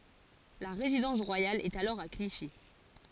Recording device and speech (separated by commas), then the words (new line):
forehead accelerometer, read sentence
La résidence royale est alors à Clichy.